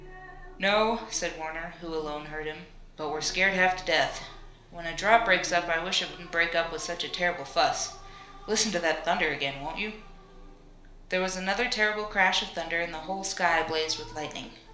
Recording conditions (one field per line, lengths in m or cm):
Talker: one person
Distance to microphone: 1.0 m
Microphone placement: close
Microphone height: 1.1 m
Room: small (3.7 m by 2.7 m)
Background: television